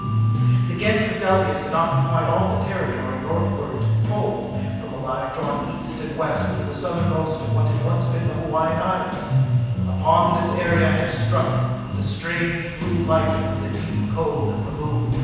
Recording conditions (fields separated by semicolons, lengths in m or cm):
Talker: one person; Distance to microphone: 7.1 m; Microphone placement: far; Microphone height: 1.7 m; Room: very reverberant, large; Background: music